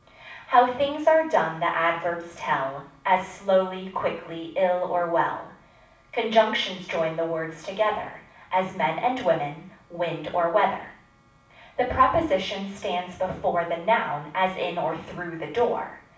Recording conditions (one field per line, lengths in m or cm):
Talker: one person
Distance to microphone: 5.8 m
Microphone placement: far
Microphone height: 1.8 m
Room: medium-sized (5.7 m by 4.0 m)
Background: none